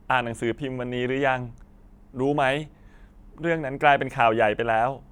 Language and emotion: Thai, sad